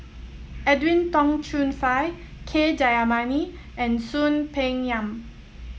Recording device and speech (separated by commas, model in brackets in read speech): mobile phone (iPhone 7), read sentence